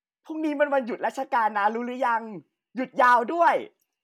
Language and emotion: Thai, happy